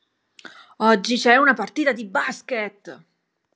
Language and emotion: Italian, angry